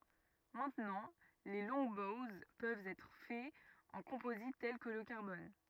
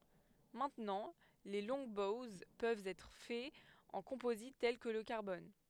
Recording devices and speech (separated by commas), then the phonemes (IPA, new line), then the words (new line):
rigid in-ear microphone, headset microphone, read sentence
mɛ̃tnɑ̃ leə lɔ̃ɡbowz pøvt ɛtʁ fɛz ɑ̃ kɔ̃pozit tɛl kə lə kaʁbɔn
Maintenant les Longbows peuvent être faits en composite tel que le carbone.